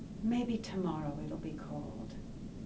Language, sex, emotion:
English
female
neutral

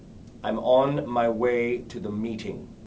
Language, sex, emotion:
English
male
angry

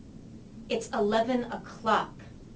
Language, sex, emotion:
English
female
angry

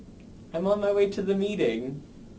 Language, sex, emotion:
English
male
neutral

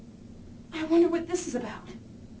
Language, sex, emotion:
English
female
fearful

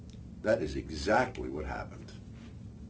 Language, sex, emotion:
English
male
neutral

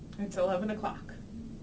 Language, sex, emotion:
English
female
neutral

